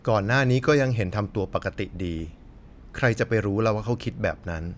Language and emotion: Thai, neutral